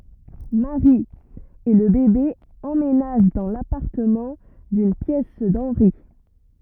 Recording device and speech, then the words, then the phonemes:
rigid in-ear microphone, read sentence
Mary et le bébé emménagent dans l’appartement d’une pièce d’Henry.
mɛwʁi e lə bebe ɑ̃menaʒ dɑ̃ lapaʁtəmɑ̃ dyn pjɛs dɑ̃nʁi

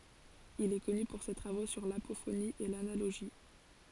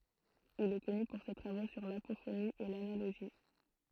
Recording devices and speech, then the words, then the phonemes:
forehead accelerometer, throat microphone, read sentence
Il est connu pour ses travaux sur l'apophonie et l'analogie.
il ɛ kɔny puʁ se tʁavo syʁ lapofoni e lanaloʒi

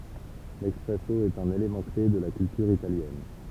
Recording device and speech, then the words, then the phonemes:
temple vibration pickup, read sentence
L'espresso est un élément clé de la culture italienne.
lɛspʁɛso ɛt œ̃n elemɑ̃ kle də la kyltyʁ italjɛn

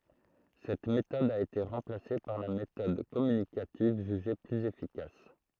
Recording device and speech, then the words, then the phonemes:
throat microphone, read sentence
Cette méthode a été remplacée par la méthode communicative jugée plus efficace.
sɛt metɔd a ete ʁɑ̃plase paʁ la metɔd kɔmynikativ ʒyʒe plyz efikas

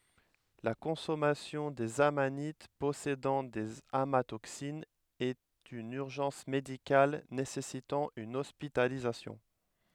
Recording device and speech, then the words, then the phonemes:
headset microphone, read sentence
La consommation des amanites possédant des amatoxines est une urgence médicale nécessitant une hospitalisation.
la kɔ̃sɔmasjɔ̃ dez amanit pɔsedɑ̃ dez amatoksinz ɛt yn yʁʒɑ̃s medikal nesɛsitɑ̃ yn ɔspitalizasjɔ̃

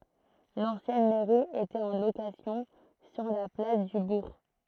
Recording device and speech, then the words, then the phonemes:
throat microphone, read sentence
L'ancienne mairie était en location sur la place du bourg.
lɑ̃sjɛn mɛʁi etɛt ɑ̃ lokasjɔ̃ syʁ la plas dy buʁ

